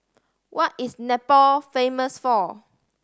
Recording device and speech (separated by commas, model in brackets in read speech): standing microphone (AKG C214), read sentence